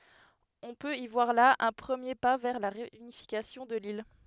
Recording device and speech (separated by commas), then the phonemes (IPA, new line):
headset microphone, read sentence
ɔ̃ pøt i vwaʁ la œ̃ pʁəmje pa vɛʁ la ʁeynifikasjɔ̃ də lil